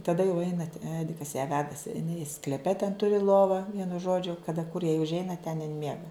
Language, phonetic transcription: Lithuanian, taˈda jau ˈeinat ˈedikas ją ˈvedasi iˈnai skleˈpe ten ˈturi ˈlovą ˈvienu ˈžodžiu kaˈda kur jai užˈeina ten in ˈmiega

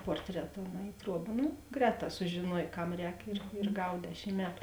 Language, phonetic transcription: Lithuanian, ˈportreta o na i ˈtruoba ˈnu ˈgrēˌtā sužėˈnuoj ˈkam ˈrēk ir ir ˈgav ˈdešim ˈmetu

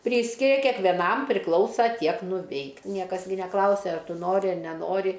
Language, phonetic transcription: Lithuanian, ˈpryskiria kekveˈnam priˈklausa ˈtiek nuˈveik ˈniekas gi neˈklausia ˈar ˈtu ˈnori ˈar neˈnori

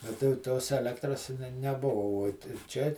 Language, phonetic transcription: Lithuanian, a tai jau ˈtos eˈlektras ne neˈbuva uot ir ˈčia

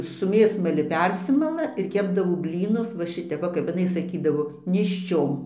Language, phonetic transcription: Lithuanian, su ˈmėsmali ˈpersimala ir ˈkepdavo ˈblynus va ˈšitep ˈva kap iˈnai saˈkydavo nėšˈčiom

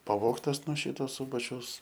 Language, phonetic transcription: Lithuanian, paˈvogtas nuo ˈšyto ˈsūbačiaus

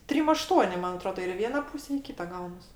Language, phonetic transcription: Lithuanian, ˈtrim aˈštuoni ˈman aˈtroda ir i ˈviena ˈpūse i ˈkyta ˈgaunas

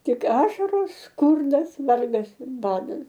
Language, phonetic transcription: Lithuanian, ˈtik ˈašaros ˈskurdas ˈvargas ir ˈbadas

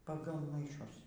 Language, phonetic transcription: Lithuanian, paˈgal maiˈšus

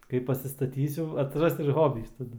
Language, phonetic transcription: Lithuanian, ˈkai pasistaˈtysiu atsiˈras ir ˈhobys taˈdu

